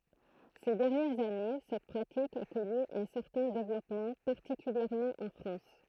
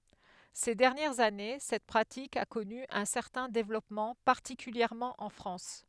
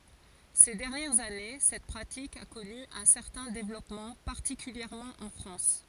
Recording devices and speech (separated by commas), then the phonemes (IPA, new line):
throat microphone, headset microphone, forehead accelerometer, read sentence
se dɛʁnjɛʁz ane sɛt pʁatik a kɔny œ̃ sɛʁtɛ̃ devlɔpmɑ̃ paʁtikyljɛʁmɑ̃ ɑ̃ fʁɑ̃s